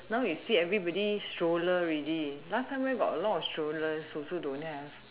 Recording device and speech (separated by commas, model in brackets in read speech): telephone, conversation in separate rooms